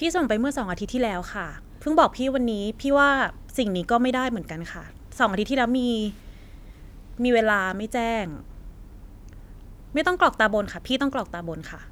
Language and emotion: Thai, frustrated